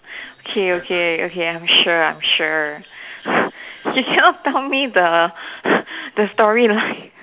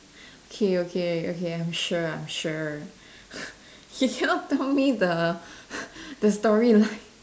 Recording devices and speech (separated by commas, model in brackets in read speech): telephone, standing microphone, conversation in separate rooms